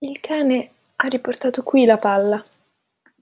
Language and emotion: Italian, fearful